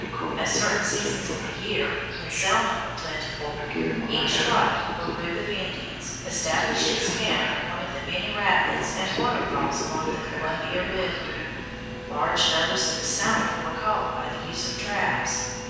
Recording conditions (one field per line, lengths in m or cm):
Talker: one person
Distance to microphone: 7.1 m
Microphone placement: far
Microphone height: 1.7 m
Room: very reverberant, large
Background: television